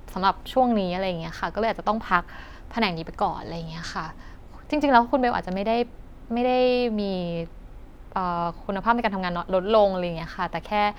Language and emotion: Thai, neutral